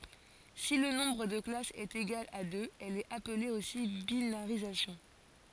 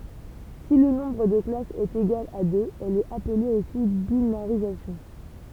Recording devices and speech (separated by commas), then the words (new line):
forehead accelerometer, temple vibration pickup, read sentence
Si le nombre de classes est égal à deux, elle est appelée aussi binarisation.